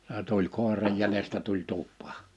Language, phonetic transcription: Finnish, se tuĺ 'kòer̀aj jälestä tuĺ 'tup̆pᴀᴀ .
- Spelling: se tuli koiran jäljestä tuli tupaan

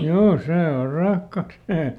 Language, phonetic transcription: Finnish, ˈjoo ˈsee or ˈrahka (sit se) .
- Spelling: joo se on rahka sitten se

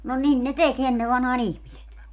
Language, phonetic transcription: Finnish, no 'nin ne "tek 'enne vanhaa"n ‿ihmiset .
- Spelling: no niin ne teki ennen vanhaan ihmiset

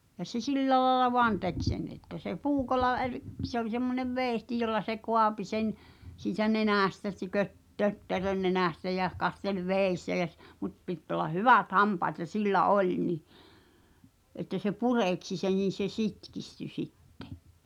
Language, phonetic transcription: Finnish, ja se "sillä laᵉlla "voan 'tek sen että se "puukolla er- , kˉ se ‿oĺ semmonev "veeⁱhti jolla se "koapi sen , siitä "nenä̀stä (ˢtökö-) 'tötterön nenä̀stä jä , 'kastel "vèi̬ssä jä s- , mut 'pitᵗ ‿ol̆lah "hyvät 'hampaat ja "sillä "oĺ ni , ’että se "purèksi sen̬ n̬in̬ se 'sitkisty 'sittᴇ .
- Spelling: ja se sillä lailla vain teki sen että se puukolla - - se oli semmoinen veitsi jolla se kaapi sen siitä nenästä - tötterön nenästä ja kasteli vedessä ja - mutta piti olla hyvät hampaat ja sillä oli niin että se pureksi sen niin se sitkistyi sitten

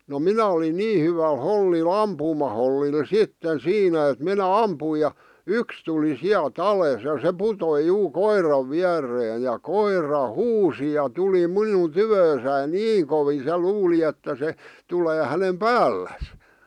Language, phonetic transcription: Finnish, no "minä olin "nii hyväl 'hollil 'ampuumahollil "sitten "siinä et minä "ampui ja , "yks tuli 'siäl"t ‿alès ja se "putoi "juu "koirav 'viär̆reej ja 'koira "huusi ja 'tuli "minun "tyvöösäin "niiŋ kovii se "luuli että se , 'tulee hänem "päälläs .
- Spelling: no minä olin niin hyvällä hollilla ampumahollilla sitten siinä et minä ammuin ja yksi tuli sieltä alas ja se putosi juu koiran viereen ja koira huusi ja tuli minun tyköni niin kovin se luuli että se tulee hänen päälleen

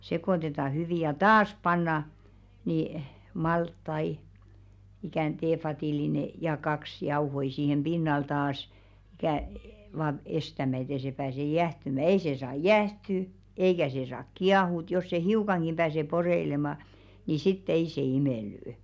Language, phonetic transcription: Finnish, 'sekòtetà hyvi ja "taas 'panna , nì 'malttai , ikä̀n 'teefatìlinè , ja "kaks , 'jauhoi siihem 'ʙinnal taas , ikä̀ , vaaɴ "estämä ‿et ‿ei se pääse 'jähtymä "ei 'se 'saa "jä̀hty , 'eikä 'se saak "kiahùt jos se "hiukaŋɢim pääse 'poreilemà , ni sit"t ‿ei se 'imèlly̆₍ʸ .
- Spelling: sekoitetaan hyvin ja taas pannaan niin maltaita ikään teevadillinen ja kaksi jauhoja siihen pinnalle taas ikään vain estämään että ei se pääse jäähtymään ei se saa jäähtyä eikä se saa kiehua jos se hiukankin pääsee poreilemaan niin sitten ei se imelly

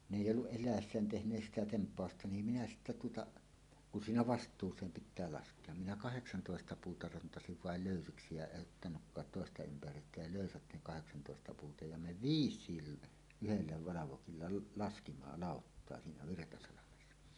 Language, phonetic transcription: Finnish, n ‿èij'j ‿olluˀ 'ˀel̆lä̀essään tehǹees "sitä "temp̀àosta ni minä 'sittä tuotaˀ , kun 'siinä "vast̀uus̀eem "pit̆tää 'lask̀ea , minä "kaheksantòesta 'puuta rantasiv "vael "lö̀ysiksi ja 'eˀ ˀottanukkaat "tòesta 'ympär̀yyttä ja 'lö̀ysät ne kaheksantòesta puuta ja "me "viis̆siil , 'yhellä 'valavokilla l- laskima "làottoa 'siinä 'Virtasalamessa .
- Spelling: ne ei ollut eläessään tehneet sitä tempausta niin minä sitten tuota kun siinä vastuuseen pitää laskea minä kahdeksantoista puuta rantasin vain löysiksi ja en ottanutkaan toista ympäryyttä ja löysät ne kahdeksantoesta puuta ja me viisikin yhdellä valvokilla - laskimme lauttaa siinä Virtasalmessa

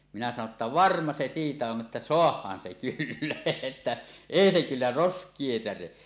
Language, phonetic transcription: Finnish, minä sano ‿tta » "varma 'se 'siitä 'on ’että "soah̀aan se kyllä , että , "èi se kyllä "rosk̀ie 'säre « .
- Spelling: minä sanoin jotta varma se siitä on että saadaan se kyllä että ei se kyllä roskia särje

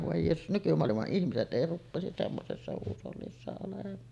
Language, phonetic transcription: Finnish, vòe jeesus , 'nykymoalima’ ’ihmiset '’ei 'ruppèisis semmosessa huusollissa olem̆maan .
- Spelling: voi jeesus nykymaailman ihmiset ei rupeaisi semmoisessa huushollissa olemaan

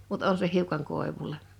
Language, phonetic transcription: Finnish, mut 'on se 'hiukaŋ 'kòevul̆le .
- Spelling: mutta on se hiukan koivulle

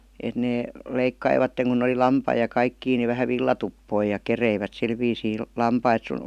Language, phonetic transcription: Finnish, et nee , 'leikkaivatteŋ kuⁿ ‿oli "lampai ja "kaikkii ni vähä "villatuppoi ja 'kereivät 'sil viisii 'lampait sun ,.
- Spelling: että ne leikkasivat kun oli lampaita ja kaikkia niin vähän villatuppoja ja kerivät sillä viisiin lampaita sun

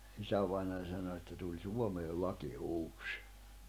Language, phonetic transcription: Finnish, 'isävainań sano että » tuĺ 'Suomeel 'laki 'uus « .
- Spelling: isävainaja sanoi että tuli Suomeen laki uusi

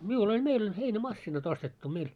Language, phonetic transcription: Finnish, 'miul ‿oĺ 'meil ‿oĺ 'heinä"massinat ‿ostettu 'meil .
- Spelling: minulla oli meillä oli heinämasiinat ostettu meillä

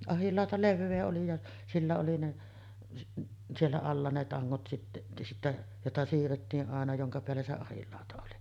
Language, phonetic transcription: Finnish, 'ahillàota "levvee oli ja , 'sillä oli ne , 'siellä alla ne 'taŋŋot sitte , sittä , 'jota siirrettii’ ’àena 'joŋka peällä 'se "ahillàota oli .
- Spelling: ahdinlauta leveä oli ja sillä oli ne siellä alla ne tangot sitten sitten jota siirrettiin aina jonka päällä se ahdinlauta oli

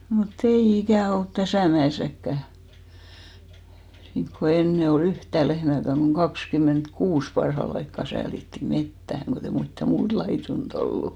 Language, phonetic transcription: Finnish, mu't ‿ei 'ikä̀ olt "täsä̀ mä₍èsäkkä , niŋko 'enne o"l ‿yhtä̀ 'lehmä̀käŋ ɢoŋ "kakskym̆ment'kuus 'parhal ‿aikka 'säälitti "mettähäŋ kot'ei mittä 'muut laitun't ‿ollu .
- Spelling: mutta ei ikänä ollut tässä mäessäkään niin kuin ennen oli yhtä lehmääkään kun kaksikymmentäkuusi parhaalla aikaa säälittiin metsään kun ei mitään muuta laidunta ollut

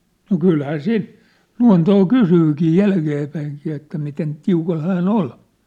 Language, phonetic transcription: Finnish, no "kylhää "siin , "lua̭ntoo "kusyykii "jälkeepäiŋkii että miten , 'tiukal 'hää"n ‿ol .
- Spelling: no kyllähän siinä luontoa kysyykin jälkeenpäinkin että miten tiukalla hän oli

